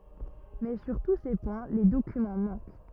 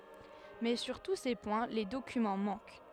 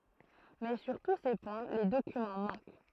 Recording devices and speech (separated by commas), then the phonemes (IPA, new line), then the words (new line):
rigid in-ear microphone, headset microphone, throat microphone, read sentence
mɛ syʁ tu se pwɛ̃ le dokymɑ̃ mɑ̃k
Mais sur tous ces points, les documents manquent.